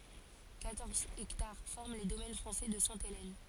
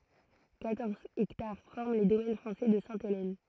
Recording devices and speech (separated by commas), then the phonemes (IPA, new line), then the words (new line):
forehead accelerometer, throat microphone, read sentence
kwatɔʁz ɛktaʁ fɔʁm le domɛn fʁɑ̃sɛ də sɛ̃telɛn
Quatorze hectares forment les domaines français de Sainte-Hélène.